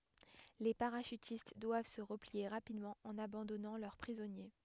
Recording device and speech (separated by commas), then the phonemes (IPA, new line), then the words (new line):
headset microphone, read sentence
le paʁaʃytist dwav sə ʁəplie ʁapidmɑ̃ ɑ̃n abɑ̃dɔnɑ̃ lœʁ pʁizɔnje
Les parachutistes doivent se replier rapidement, en abandonnant leurs prisonniers.